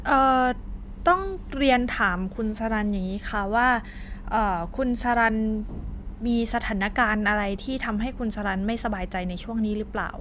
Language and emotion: Thai, neutral